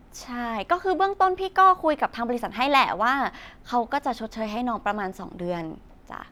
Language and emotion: Thai, neutral